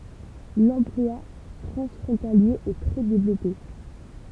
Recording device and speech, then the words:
temple vibration pickup, read sentence
L'emploi transfrontalier est très développé.

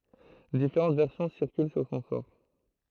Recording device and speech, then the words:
throat microphone, read sentence
Différentes versions circulent sur son sort.

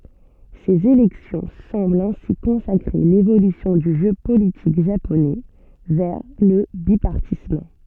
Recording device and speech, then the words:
soft in-ear microphone, read sentence
Ces élections semblent ainsi consacrer l'évolution du jeu politique japonais vers le bipartisme.

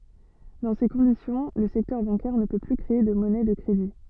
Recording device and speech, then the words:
soft in-ear microphone, read sentence
Dans ces conditions, le secteur bancaire ne peut plus créer de monnaie de crédit.

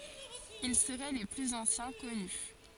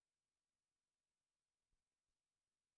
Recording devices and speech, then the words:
forehead accelerometer, rigid in-ear microphone, read sentence
Ils seraient les plus anciens connus.

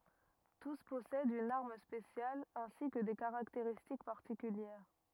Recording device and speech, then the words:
rigid in-ear microphone, read sentence
Tous possèdent une arme spéciale, ainsi que des caractéristiques particulières.

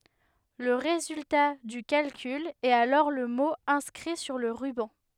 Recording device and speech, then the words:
headset microphone, read sentence
Le résultat du calcul est alors le mot inscrit sur le ruban.

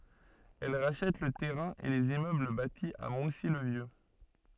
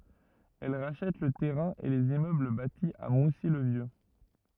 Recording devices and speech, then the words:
soft in-ear microphone, rigid in-ear microphone, read sentence
Elle rachète le terrain et les immeubles bâtis à Moussy le Vieux.

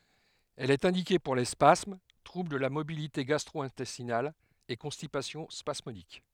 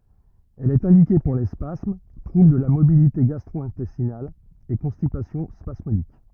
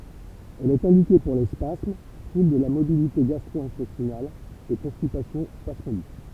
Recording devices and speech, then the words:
headset microphone, rigid in-ear microphone, temple vibration pickup, read sentence
Elle est indiquée pour les spasmes, troubles de la motilité gastro-intestinale et constipation spasmodique.

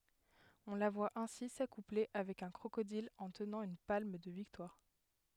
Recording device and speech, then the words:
headset microphone, read sentence
On la voit ainsi s’accoupler avec un crocodile en tenant une palme de victoire.

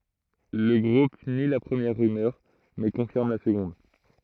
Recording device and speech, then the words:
throat microphone, read sentence
Le groupe nie la première rumeur, mais confirme la seconde.

